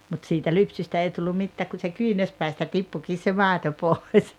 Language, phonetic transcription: Finnish, mut siitä "lypsystä 'ei tullum̆ 'mittääk ku se "kyynärspäistä 'tippukiis se "màeto 'pòes .
- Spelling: mutta siitä lypsystä ei tullut mitään kun se kyynärpäistä tippuikin se maito pois

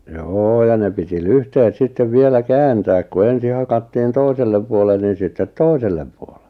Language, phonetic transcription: Finnish, joo ja ne piti "lyhtehet 'sittev 'vielä "kääntääk ku "ensi hakattiin 'toisellem puolen niin̬ sittet "toisellem puolᴇ .
- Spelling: joo ja ne piti lyhteet sitten vielä kääntää kun ensin hakattiin toiselle puolen niin sitten toiselle puolen

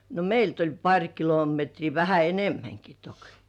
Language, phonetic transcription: Finnish, no "meilt ‿oĺ 'paŕ kilometrii vähä "enemmäŋki "tok .
- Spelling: no meiltä oli pari kilometriä vähän enemmänkin toki

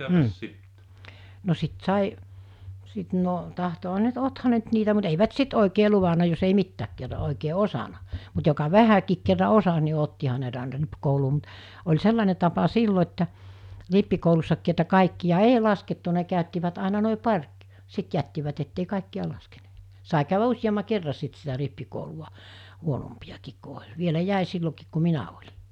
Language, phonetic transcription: Finnish, m̥ , no 'sit 'sài , 'sit no , tahtoha ne ‿nt 'otha ne ‿nt niitä mut eivät 'sit òikee 'luvana jos ei 'mittääk kerra òikee "osana , mut joka "vähäkiik kerra 'osas ni 'ottiha ne ‿nt àena 'ripkouluu mut , oĺ 'sellane tapa 'sillo että , 'rippikoulussakkii että 'kàikki ja "ei 'laskettu ne kä̀öttivät àina nòi 'par̜ (k-) , 'sit jättivät ettei 'kàikki₍a laskeɴᴇᴇ[t] , sai kä̀yvä 'uśjamma 'kerra 'sit sitä 'rippikouluʷa , 'huonompiʲakiik ku oĺ , 'vielä 'jä̀i sillokiik ku 'minä oĺɪ .
- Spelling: mm no sitten sai sitten no tahtoihan ne nyt ottihan ne nyt niitä mutta eivät sitten oikein luvannut jos ei mitään kerran oikein osannut mutta joka vähänkin kerran osasi niin ottihan ne nyt aina rippikouluun mutta oli sellainen tapa silloin että rippikoulussakin että kaikkia - ei laskettu ne käyttivät aina noin pari - sitten jättivät että ei kaikkia laskeneet sai käydä useamman kerran sitten sitä rippikoulua huonompiakin kun oli vielä jäi silloinkin kun minä olin

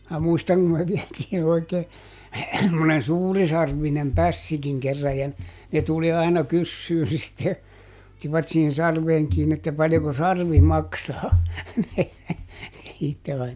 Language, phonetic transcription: Finnish, mää ˈmuistaŋ kum me ˈviɛtiin ‿oikee , (semmonen) "suurisarvvinem "pässikiŋ kerraj ja , ne ˈtuli aina "kyssyy sitte , [ot]tivat siihin ˈsarveeŋ ˈkiini että » ˈpaljoko "sarvi "maksaa » , (siitte ain .
- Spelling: minä muistan kun me vietiin oikein semmoinen suurisarvinen pässikin kerran ja ne tuli aina kysymään sitten ottivat siihen sarveen kiinni että paljonko sarvi maksaa sitten aina

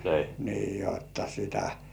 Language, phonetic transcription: Finnish, nii jotta sitä .
- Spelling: niin jotta sitä

